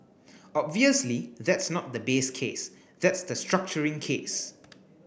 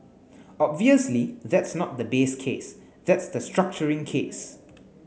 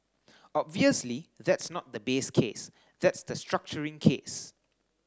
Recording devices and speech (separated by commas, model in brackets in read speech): boundary microphone (BM630), mobile phone (Samsung S8), standing microphone (AKG C214), read sentence